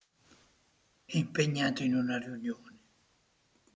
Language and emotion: Italian, sad